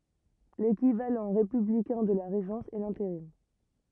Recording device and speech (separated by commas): rigid in-ear microphone, read sentence